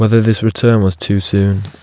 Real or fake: real